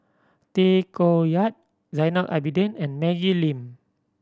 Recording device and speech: standing microphone (AKG C214), read sentence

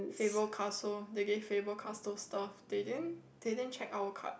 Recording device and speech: boundary microphone, conversation in the same room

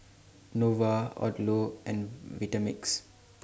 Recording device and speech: standing microphone (AKG C214), read sentence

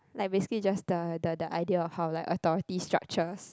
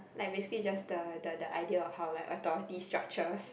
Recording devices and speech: close-talking microphone, boundary microphone, conversation in the same room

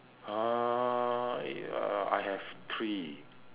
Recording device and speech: telephone, conversation in separate rooms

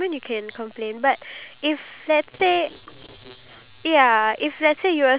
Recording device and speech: telephone, conversation in separate rooms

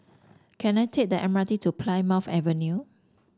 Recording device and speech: standing microphone (AKG C214), read sentence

